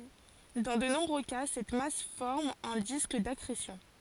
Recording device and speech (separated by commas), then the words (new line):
forehead accelerometer, read sentence
Dans de nombreux cas, cette masse forme un disque d'accrétion.